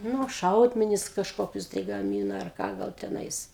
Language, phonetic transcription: Lithuanian, ˈnu ˈšaudmenis kažˈkokius tai gaˈmyna arˈ ką ˈgal teˈnais

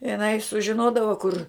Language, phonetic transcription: Lithuanian, iˈnai sužiˈnodava kur

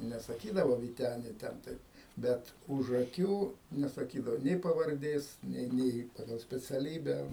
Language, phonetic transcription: Lithuanian, nesaˈkydavo vyˈteni ˈten taip ˈbet už aˈkių nesaˈkydavo ˈnė pavarˈdės ˈnė ˈnė ˈpagal speciaˈlybę

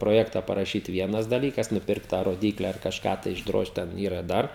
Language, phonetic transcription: Lithuanian, proˈjekta paraˈšyt ˈvienas daˈlykas nuˈpirkt tą roˈdykle ar kažˈką tai išˈdrožt ˈten ˈyra ˈdar

